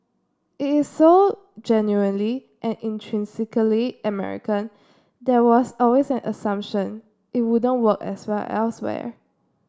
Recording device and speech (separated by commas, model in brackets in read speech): standing microphone (AKG C214), read sentence